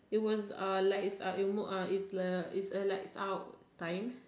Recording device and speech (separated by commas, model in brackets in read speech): standing microphone, conversation in separate rooms